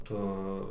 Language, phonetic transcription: Lithuanian, ˈtu

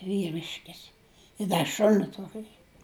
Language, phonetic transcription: Lithuanian, vyˈriškis i ˈda ˈšuni ˈtuoki

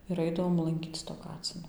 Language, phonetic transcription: Lithuanian, ir ˈaidavom lanˈkyc to ˈkacino

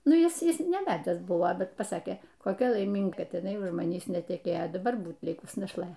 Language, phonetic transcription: Lithuanian, ˈnu ˈis ˈis neˈvedęs ˈbuvo ˈbet paˈsakė koˈkia laiˈminga ˈkad iˈnai už maˈnįs neteˈkėjo daˈbar ˈbūt ˈlikus našˈlɘ likusi našlaitė

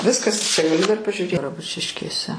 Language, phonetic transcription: Lithuanian, ˈviskas čia gaˈliu dar pažiuˈrė graˈbučiškėse

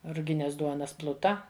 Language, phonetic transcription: Lithuanian, ruˈgines ˈduonas ˈpluta

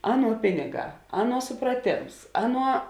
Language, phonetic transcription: Lithuanian, ˈaˌnuo ˈpiniˌgā ˈaˌnuo supraˈtėms ˈaˌnuo

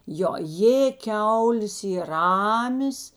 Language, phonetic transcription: Lithuanian, ˈjo ˈjė ˈkiaulės ˈyr ˈramės

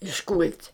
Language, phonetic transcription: Lithuanian, išˈkul't'

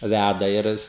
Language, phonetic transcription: Lithuanian, ˈvæda ir ˈis

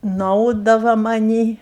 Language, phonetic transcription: Lithuanian, nuˈaudava maˈnį

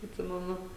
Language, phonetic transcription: Lithuanian, atˈsimenu

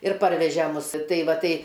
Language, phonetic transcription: Lithuanian, ir ˈparveže ˈmus ˈtai ˈva ˈtai

